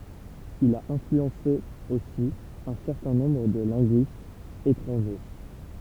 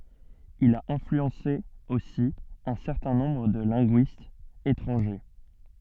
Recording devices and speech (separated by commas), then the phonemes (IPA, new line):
temple vibration pickup, soft in-ear microphone, read sentence
il a ɛ̃flyɑ̃se osi œ̃ sɛʁtɛ̃ nɔ̃bʁ də lɛ̃ɡyistz etʁɑ̃ʒe